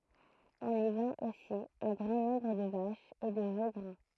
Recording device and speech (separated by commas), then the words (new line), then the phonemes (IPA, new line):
throat microphone, read sentence
On y vend aussi un grand nombre de vaches et de veaux gras.
ɔ̃n i vɑ̃t osi œ̃ ɡʁɑ̃ nɔ̃bʁ də vaʃz e də vo ɡʁa